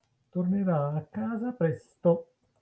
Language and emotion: Italian, neutral